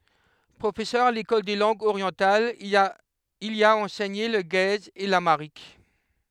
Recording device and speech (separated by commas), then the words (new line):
headset microphone, read sentence
Professeur à l'École des langues orientales, il y a enseigné le guèze et l'amharique.